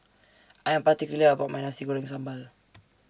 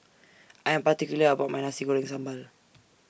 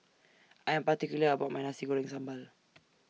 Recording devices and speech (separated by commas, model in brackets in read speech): standing microphone (AKG C214), boundary microphone (BM630), mobile phone (iPhone 6), read sentence